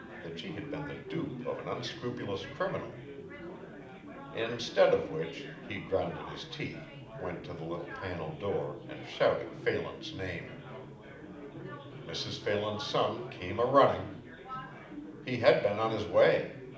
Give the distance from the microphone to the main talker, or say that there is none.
2.0 m.